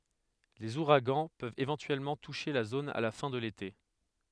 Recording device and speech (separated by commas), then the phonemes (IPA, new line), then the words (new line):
headset microphone, read sentence
lez uʁaɡɑ̃ pøvt evɑ̃tyɛlmɑ̃ tuʃe la zon a la fɛ̃ də lete
Les ouragans peuvent éventuellement toucher la zone à la fin de l’été.